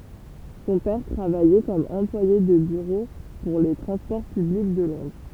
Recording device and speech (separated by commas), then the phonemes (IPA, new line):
temple vibration pickup, read sentence
sɔ̃ pɛʁ tʁavajɛ kɔm ɑ̃plwaje də byʁo puʁ le tʁɑ̃spɔʁ pyblik də lɔ̃dʁ